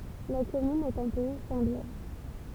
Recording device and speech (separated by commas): temple vibration pickup, read sentence